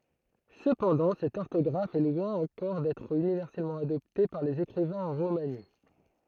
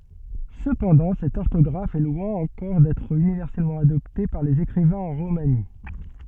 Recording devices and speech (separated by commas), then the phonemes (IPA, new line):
throat microphone, soft in-ear microphone, read sentence
səpɑ̃dɑ̃ sɛt ɔʁtɔɡʁaf ɛ lwɛ̃ ɑ̃kɔʁ dɛtʁ ynivɛʁsɛlmɑ̃ adɔpte paʁ lez ekʁivɛ̃z ɑ̃ ʁomani